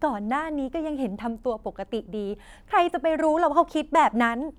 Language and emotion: Thai, frustrated